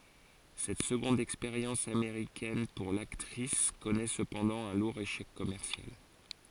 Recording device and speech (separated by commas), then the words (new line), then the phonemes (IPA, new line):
forehead accelerometer, read sentence
Cette seconde expérience américaine pour l'actrice connaît cependant un lourd échec commercial.
sɛt səɡɔ̃d ɛkspeʁjɑ̃s ameʁikɛn puʁ laktʁis kɔnɛ səpɑ̃dɑ̃ œ̃ luʁ eʃɛk kɔmɛʁsjal